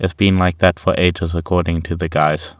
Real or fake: real